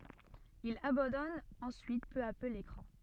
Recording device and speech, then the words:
soft in-ear microphone, read sentence
Il abandonne ensuite peu à peu l'écran.

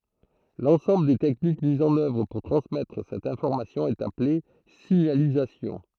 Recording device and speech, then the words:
throat microphone, read sentence
L'ensemble des techniques mises en œuvre pour transmettre cette information est appelée signalisation.

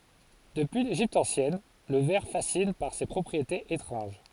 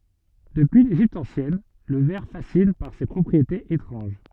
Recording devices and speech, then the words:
forehead accelerometer, soft in-ear microphone, read sentence
Depuis l’Égypte ancienne, le verre fascine par ses propriétés étranges.

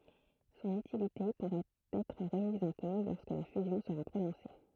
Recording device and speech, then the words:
throat microphone, read sentence
Son utilité pourrait être remise en cause lorsque la fusion sera prononcée.

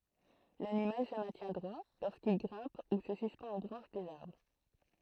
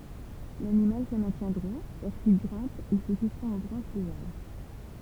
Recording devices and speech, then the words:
throat microphone, temple vibration pickup, read sentence
L’animal se maintient droit lorsqu’il grimpe ou se suspend aux branches des arbres.

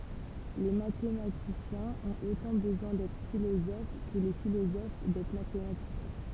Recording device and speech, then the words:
temple vibration pickup, read sentence
Les mathématiciens ont autant besoin d'être philosophes que les philosophes d'être mathématiciens.

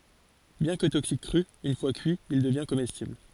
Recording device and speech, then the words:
forehead accelerometer, read sentence
Bien que toxique cru, une fois cuit, il devient comestible.

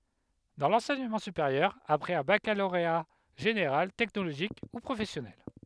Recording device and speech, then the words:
headset microphone, read sentence
Dans l'enseignement supérieur, après un baccalauréat général, technologique ou professionnel.

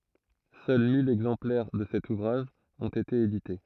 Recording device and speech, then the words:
throat microphone, read sentence
Seuls mille exemplaires de cet ouvrage ont été édités.

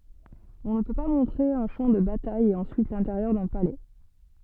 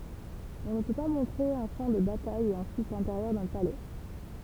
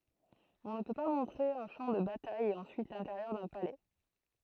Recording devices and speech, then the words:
soft in-ear microphone, temple vibration pickup, throat microphone, read sentence
On ne peut pas montrer un champ de bataille et ensuite l'intérieur d'un palais.

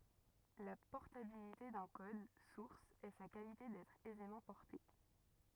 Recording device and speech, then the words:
rigid in-ear microphone, read sentence
La portabilité d'un code source est sa qualité d'être aisément porté.

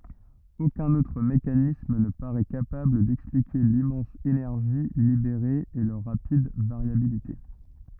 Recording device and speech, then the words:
rigid in-ear microphone, read sentence
Aucun autre mécanisme ne parait capable d’expliquer l’immense énergie libérée et leur rapide variabilité.

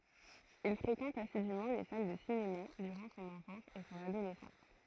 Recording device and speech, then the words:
throat microphone, read sentence
Il fréquente assidument les salles de cinéma durant son enfance et son adolescence.

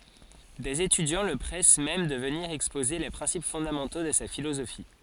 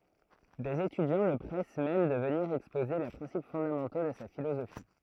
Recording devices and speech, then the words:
forehead accelerometer, throat microphone, read sentence
Des étudiants le pressent même de venir exposer les principes fondamentaux de sa philosophie.

